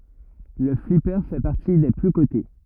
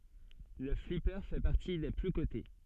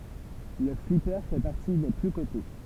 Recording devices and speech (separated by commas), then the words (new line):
rigid in-ear microphone, soft in-ear microphone, temple vibration pickup, read sentence
Le flipper fait partie des plus cotés.